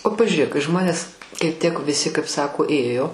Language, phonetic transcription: Lithuanian, o pažiuˈrėk kai ˈžmonės kai ˈtiek viˈsi kaip ˈsako ˈėjo

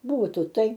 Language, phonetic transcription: Lithuanian, ˈbūtų ˈtai

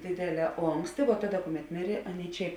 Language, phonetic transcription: Lithuanian, ˈdėdėˌlē ˈonksti vo ˈtaˌda ˈkuˌmet ˈmirė ˈaˌnėi ˈčia

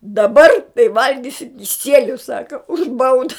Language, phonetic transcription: Lithuanian, daˈbar tai ˈvalgisi kiˈsieliu ˈsaka už ˈbauda

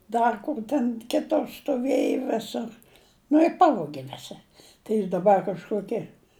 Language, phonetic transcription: Lithuanian, ˈdar kur ten ˈkitur stuˈvėju ˈvisur nu i ˈpavogi ˈvisi tai ˈjis daˈbar kažˈkoki

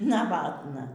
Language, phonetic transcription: Lithuanian, naˈvatna

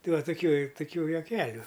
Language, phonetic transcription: Lithuanian, ˈtai ˈva tuˈkių tuˈkių juoˈkeliu

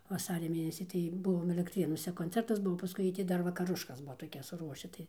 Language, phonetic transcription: Lithuanian, vaˈsaria ˈmėnesį tai ˈbuvom elektˈrėnuose konˈcertas ˈbuvo paˈskui jiej ˈti ˈdar vakaˈruškas ˈbuo toˈkias suˈruoši ˈtai

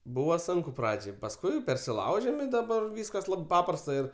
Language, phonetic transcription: Lithuanian, ˈbūva ˈsunku ˈpradžiai pasˈkui persiˈlaužem i daˈbar ˈvyskas ˈlab ˈpaprasta ir

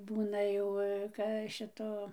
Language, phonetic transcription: Lithuanian, ˈbūna jau ka ˈšito

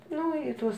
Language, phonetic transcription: Lithuanian, ˈnu i ˈtuos

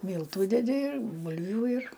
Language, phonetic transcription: Lithuanian, ˈmyltu deˈdi ir ˈbulviu ir

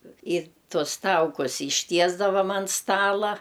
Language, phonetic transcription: Lithuanian, ir ˈtuos ˈtaukus išˈtiesdavam an ˈstala

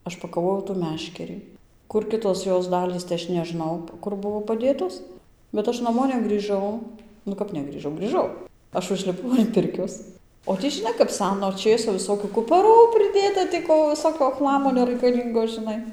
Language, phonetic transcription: Lithuanian, ˈaš pakaˈvojau tų ˈmeškerį ˈkur ˈkitos ˈjos ˈdalys tai ˈaš neˈžnau ˈkur ˈbuvo paˈdėtos bet ˈaš naˈmo negrįˈžau nu ˈkap negrįˈžau grįˈžau ˈaš užliˈpau an ˈpirkios o ˈtį žiˈnai kap ˈseno ˈčėso visˈsokiu kupaˈrų priˈdėta tį ˈko viˈsokio ˈchlamo neraikaˈlyngo žiˈnai

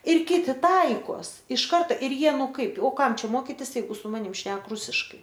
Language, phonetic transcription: Lithuanian, ir ˈkiti ˈtaikos iš ˈkarta ir ˈjie ˈnu ˈkaip o ˈkam ˈčia ˈmokitis jeiˈgu su ˈmanim ˈšnek ˈrusiškai

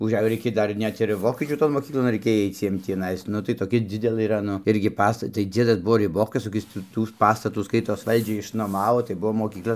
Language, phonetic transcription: Lithuanian, užˈejo ˈreikėj ˈdar ˈnet ir ˈvokiečių ton moˈkyklon raiˈkėj ˈaic ˈjiem tįˈnais ˈnu tai toˈkia ˈdzidelė ˈyra ˈnu ˈirgi ˈpasta tai ˈdziedas ˈbuvo riˈbokas koˈkis tų ˈtų ˈpastatų ˈskaitos ˈvaldžiai išnoˈmavo tai ˈbuo moˈkykla

